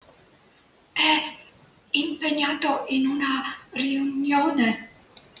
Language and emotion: Italian, fearful